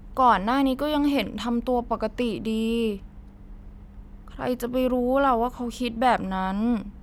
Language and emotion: Thai, sad